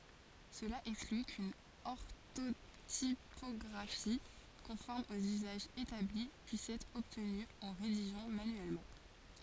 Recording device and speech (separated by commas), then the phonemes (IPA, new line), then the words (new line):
forehead accelerometer, read sentence
səla ɛkskly kyn ɔʁtotipɔɡʁafi kɔ̃fɔʁm oz yzaʒz etabli pyis ɛtʁ ɔbtny ɑ̃ ʁediʒɑ̃ manyɛlmɑ̃
Cela exclut qu’une orthotypographie conforme aux usages établis puisse être obtenue en rédigeant manuellement.